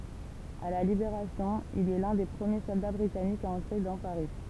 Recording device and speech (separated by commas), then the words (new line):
temple vibration pickup, read sentence
À la Libération, il est l'un des premiers soldats britanniques à entrer dans Paris.